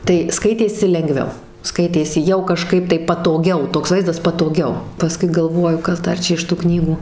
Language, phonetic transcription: Lithuanian, tai ˈskaitėsi lenˈgviau ˈskaitėsi jau kaˈžkaip tai patoˈgiau ˈtoks ˈvaizdas patoˈgiau paˈskui galˈvoju ˈkas ˈdar ˈčia iš tu ˈknygų

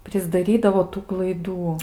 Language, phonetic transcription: Lithuanian, prisdaˈrydavo ˈtų klaiˈdų

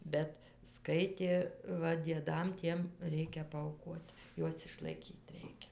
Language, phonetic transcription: Lithuanian, ˈbet ˈskaitė ˈva dieˈdam ˈtiem ˈreikia paauˈkuot ˈjuos išlaiˈkyt ˈreikia

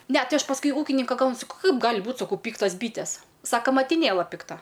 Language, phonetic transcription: Lithuanian, ˈne ˈtai ˈaš pasˈkui ˈūkininka ˈklansiu ˈkaip ˈgali ˈbūt saˈkau ˈpyktas ˈbytes ˈsako matiˈnėla pikˈta

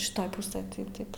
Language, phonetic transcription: Lithuanian, šiˈtoj ˈpusɘj tai ˈtaip

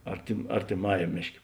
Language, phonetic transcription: Lithuanian, artim artiˈmajam ˈmėšˌkė

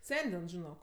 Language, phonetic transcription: Lithuanian, ˈsendin žiˈnok

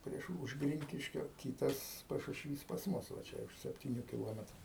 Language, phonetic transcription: Lithuanian, ˈprieš už ˈgrinkiškio ˈkytas pašušˈvys pas ˈmus va ˈčia už septiˈnių kiˈlometru

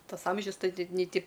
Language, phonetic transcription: Lithuanian, ˈtas ˈamžius ˈtai nei ˈti

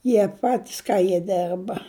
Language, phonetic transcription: Lithuanian, ˈjie ˈpatis ˈka jie ˈderba

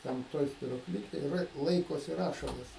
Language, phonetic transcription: Lithuanian, ˈten ˈtoj spiruoˈklikėj rė ˈlaikosi ˈrašalas

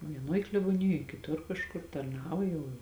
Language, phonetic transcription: Lithuanian, vieˈnoj kleboˈnijoj kiˈtur kažˈkur tarˈnavo jau

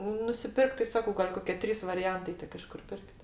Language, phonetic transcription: Lithuanian, nusiˈpirkt tai ˈsako gal' ˈkoke ˈtrys variˈjantai ˈtik iš ˈkur ˈpirk't'

